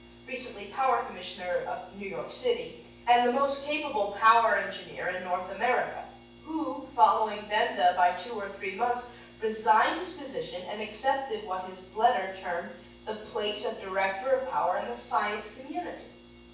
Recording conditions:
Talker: one person; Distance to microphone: 9.8 m; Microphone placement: far; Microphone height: 1.8 m; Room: large; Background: none

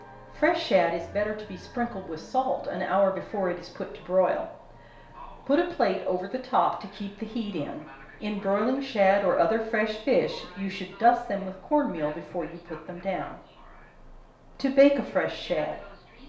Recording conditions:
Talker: one person; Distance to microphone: 1.0 m; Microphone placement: close; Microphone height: 1.1 m; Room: small (3.7 m by 2.7 m); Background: television

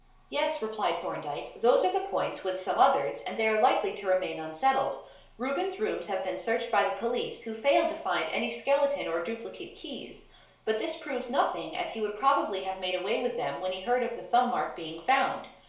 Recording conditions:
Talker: one person; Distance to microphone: 1.0 m; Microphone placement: close; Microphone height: 1.1 m; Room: small (3.7 m by 2.7 m); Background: none

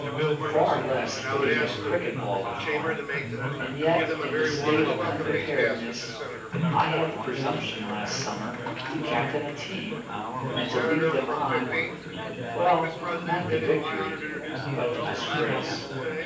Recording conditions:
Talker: one person; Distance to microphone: 9.8 m; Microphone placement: far; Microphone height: 1.8 m; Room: large; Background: babble

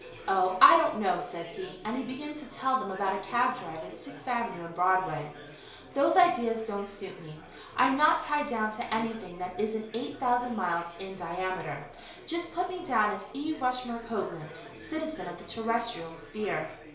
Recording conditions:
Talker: one person; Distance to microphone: 1.0 m; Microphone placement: close; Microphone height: 1.1 m; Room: small (3.7 m by 2.7 m); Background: babble

